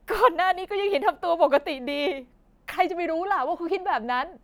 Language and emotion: Thai, sad